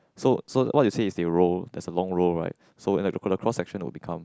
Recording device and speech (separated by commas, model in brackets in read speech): close-talking microphone, conversation in the same room